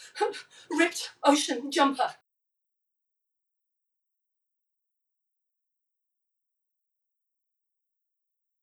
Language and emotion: English, fearful